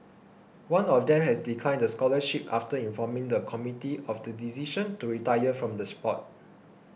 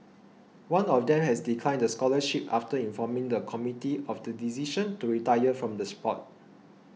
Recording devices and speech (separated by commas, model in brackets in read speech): boundary microphone (BM630), mobile phone (iPhone 6), read sentence